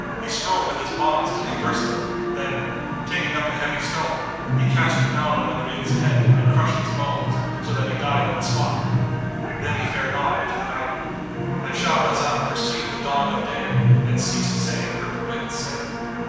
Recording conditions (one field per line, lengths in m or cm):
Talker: one person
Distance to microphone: 7.1 m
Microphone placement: far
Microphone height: 1.7 m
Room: very reverberant, large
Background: television